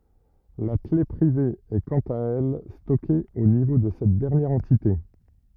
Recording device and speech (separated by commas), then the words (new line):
rigid in-ear microphone, read sentence
La clef privée est quant à elle stockée au niveau de cette dernière entité.